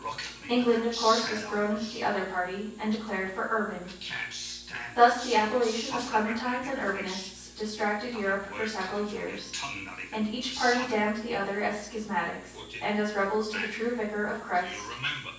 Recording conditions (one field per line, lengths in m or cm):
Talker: one person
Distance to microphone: 9.8 m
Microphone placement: far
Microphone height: 1.8 m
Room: large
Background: television